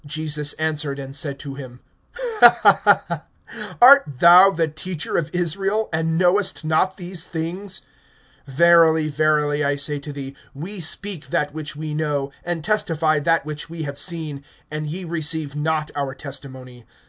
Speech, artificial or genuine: genuine